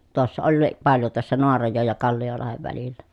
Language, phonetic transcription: Finnish, tᵘossa ollii , paljo tᵘossa Noarajòej ja Kalli₍olahev välillä .
- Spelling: tuossa olikin paljon tuossa Naarajoen ja Kalliolahden välillä

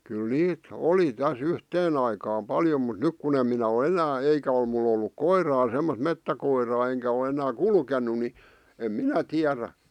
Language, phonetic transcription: Finnish, kyl "niit , "oli täs "yhteen ‿aikaam 'paljo mut "nyk kun ‿em minä o "enää "eikä ol mul ‿olluk "koiraa semmosᵗ 'mettäkoiraa 'eŋkä o enää "kulken̆nu ni , em "minä 'tiärä .
- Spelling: kyllä niitä oli tässä yhteen aikaan paljon mutta nyt kun en minä ole enää eikä ole minulla ollut koiraa semmoista metsäkoiraa enkä ole enää kulkenut niin en minä tiedä

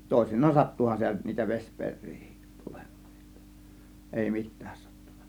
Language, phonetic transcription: Finnish, 'tòėsin̆naan "sattuhan sitä (nyt) niitä 'veśpeŕ̆rIIHIt tULEMMAA , (JOttA) èi 'mit̆tÄÄs sAttUN(NA) .
- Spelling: toisinaan sattuihan sitä nyt niitä vesiperiäkin tulemaan jotta ei mitään sattunut

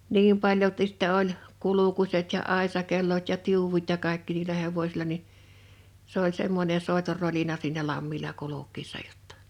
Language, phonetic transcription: Finnish, 'niim paljoltis sⁱttɛ oĺ , 'kulukuset ja 'àesakellot ja 'tiuwut ja 'kàekki niilä 'hevośila ni , s ‿oĺ 'semmońe 'sòetor 'rolina siinä 'lammila 'kuluk̆kiissa jottᴀ .
- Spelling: niin paljolti sitten oli kulkuset ja aisakellot ja tiu'ut ja kaikki niillä hevosilla niin se oli semmoinen soiton rolina siinä lammilla kulkiessa jotta

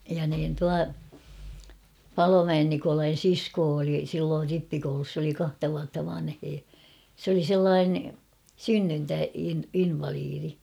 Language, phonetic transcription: Finnish, ja niin 'tua , "Palomäen 'Nikolain̬ "siskoo oli silloor 'rippikoulus s ‿oli 'kahta vuatta 'vanhee ; s ‿oli 'sellaane , "synnyntä- in- 'invaliiri .
- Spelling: ja niin tuo Palomäen Nikolain sisko oli silloin rippikoulussa se oli kahta vuotta vanhempi se oli sellainen - - synnyntäinvalidi

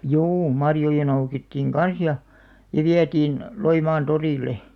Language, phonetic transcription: Finnish, 'juu 'marjoja noukittiiŋ "kan̬s ja , ja 'viätiin , 'Loimaan 'torìl̆le .
- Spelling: juu marjoja noukittiin kanssa ja ja vietiin Loimaan torille

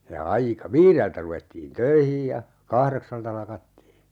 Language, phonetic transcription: Finnish, ja 'aika - "viireltä ruvettiin "töihij ja , 'kahreksalta 'lakattii .
- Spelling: ja - viideltä ruvettiin töihin ja kahdeksalta lakattiin

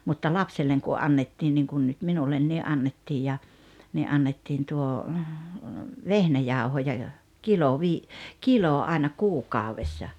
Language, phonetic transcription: Finnish, mutta "lapselleŋ ku 'annettin niŋkun nut 'minullenni '"annettij ja , ni '’annettiin tuo , "vehnäjàuhoja jo , 'kilo 'vii- , "kilò aena "kuukàovessa .
- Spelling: mutta lapselle kun annettiin niin kuin nyt minulle annettiin ja niin annettiin tuo vehnäjauhoja jo kilo - kilo aina kuukaudessa

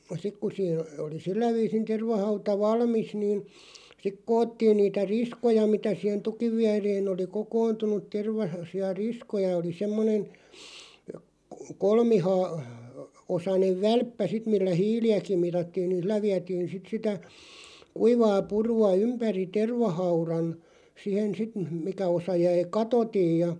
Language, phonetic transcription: Finnish, 'sik ku siin , oli 'sillä viisin 'tervahauta "valmis niin , sik 'koottiin niitä "riskoja mitä sìhen 'tukiv viäreen ‿oli "kokointunuᵗ 'terva- , -si₍a "riskoja oli 'semmonen̬ , 'kolmihaa- , '-osanev "välppä sit millä "hiili₍äkiᵐ 'mitattiin nĭn̬ 'ˢillä viätiin̬ 'sit sitä , 'kuivaa 'puru₍a "ympäri 'tervahauran , 'sihen 'sit m̥- 'mikä osa 'jäi "katotij ja ,.
- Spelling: sitten kun siinä oli sillä viisin tervahauta valmis niin sitten koottiin niitä riskoja mitä siihen tukin viereen oli kokoontunut - tervaisia riskoja oli semmoinen - kolmiosainen välppä sitten millä hiiliäkin mitattiin niin sillä vietiin sitten sitä kuivaa purua ympäri tervahaudan siihen sitten - mikä osa jäi katotta ja

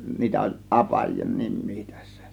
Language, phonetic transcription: Finnish, 'niitä oĺ "ˀapaj(ien) 'nim̆mii tÄssÄ .
- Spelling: niitä oli apajien nimiä tässä

